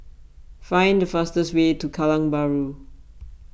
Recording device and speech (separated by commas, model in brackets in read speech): boundary microphone (BM630), read sentence